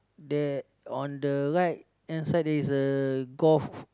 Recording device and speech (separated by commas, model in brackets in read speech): close-talking microphone, conversation in the same room